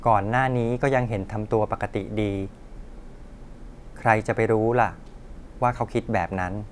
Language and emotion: Thai, neutral